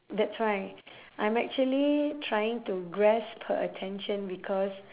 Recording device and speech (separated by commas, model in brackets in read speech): telephone, conversation in separate rooms